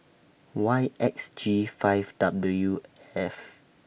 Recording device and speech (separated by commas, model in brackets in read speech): boundary microphone (BM630), read sentence